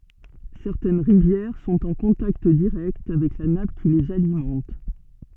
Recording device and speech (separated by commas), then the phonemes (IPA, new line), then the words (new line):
soft in-ear microphone, read sentence
sɛʁtɛn ʁivjɛʁ sɔ̃t ɑ̃ kɔ̃takt diʁɛkt avɛk la nap ki lez alimɑ̃t
Certaines rivières sont en contact direct avec la nappe qui les alimente.